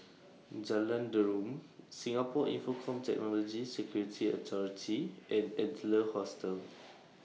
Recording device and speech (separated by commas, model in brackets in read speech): mobile phone (iPhone 6), read sentence